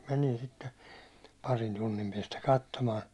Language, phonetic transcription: Finnish, menin sitte , 'parin 'tunnim piɛstä 'kattomaan .
- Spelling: menin sitten parin tunnin päästä katsomaan

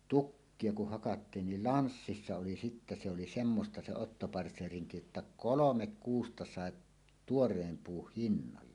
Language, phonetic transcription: Finnish, 'tukkie kuh hakattiin nil "lanssissa oli sittä se oli "semmosta 'se "ottopartseeriŋki jotta "kolomek "kuusta sà’ , "tuor̀eem 'puuh "hinnalla .
- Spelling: tukkia kun hakattiin niin lanssissa oli sitten se oli semmoista se ottopartseerinki jotta kolme kuusta sai tuoreen puun hinnalla

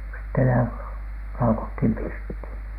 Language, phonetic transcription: Finnish, sitte lä- , "laukothìm 'pirthìn .
- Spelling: sitten - laukattiin pirttiin

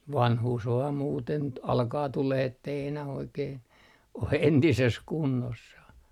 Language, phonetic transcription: Finnish, "vanhuus 'vaam 'muuten t- , 'alkaa 'tuleh ‿ettei enä'h ‿oikeen , o 'entises "kunnossah .
- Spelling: vanhuus vain muuten - alkaa tulemaan että ei enää oikein ole entisessä kunnossa

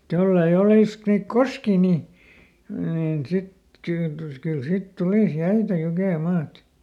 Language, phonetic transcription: Finnish, mᵘt ˈjollei ˈolìsk- niik "koskii nì , niin ˈsit kyy- , kyl ˈsit ˈtulìs "jäitä ˈjukèˈmaat !
- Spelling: mutta jos ei - niitä koskia niin niin sitten - kyllä sitten tulisi jäitä jukemaat

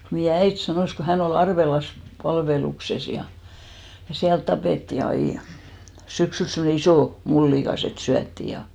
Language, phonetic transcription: Finnish, meijä "äit 'sanòs ko 'hän ‿o'l ‿Arvelas , 'palvelukses ja , ja 'siält tapètti 'ai , 'syksyls semne 'isò , 'mullìkas ‿et "syättì ja ,.
- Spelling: meidän äiti sanoi kun hän oli Arvelassa palveluksessa ja ja siellä tapettiin aina syksyllä semmoinen iso mullikas että syötiin ja

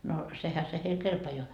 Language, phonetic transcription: Finnish, no , 'sehä se heil "kelpajoa .
- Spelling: no sehän se heille kelpaa

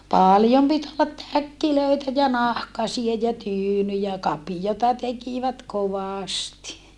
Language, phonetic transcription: Finnish, pàljom pit ollat täkkilöitä ja nahkasie ja tyynyjä , kapijota tekivät kovàsti .
- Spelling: paljon piti olla täkkejä ja nahkaisia ja tyynyjä kapioita tekivät kovasti

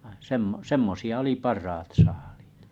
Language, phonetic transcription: Finnish, ᵛᵃ 'semmo- 'semmosi₍a oli 'parrat 'saaʟɪɪt .
- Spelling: vaan - semmoisia oli parhaat saaliit

